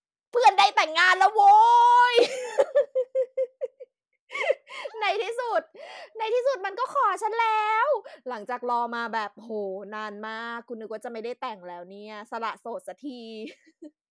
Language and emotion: Thai, happy